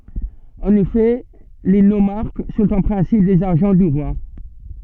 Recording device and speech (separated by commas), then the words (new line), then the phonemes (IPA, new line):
soft in-ear microphone, read sentence
En effet, les nomarques sont en principe des agents du roi.
ɑ̃n efɛ le nomaʁk sɔ̃t ɑ̃ pʁɛ̃sip dez aʒɑ̃ dy ʁwa